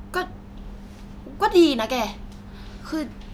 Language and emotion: Thai, frustrated